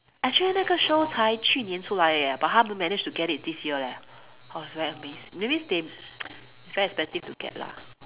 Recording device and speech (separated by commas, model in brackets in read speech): telephone, conversation in separate rooms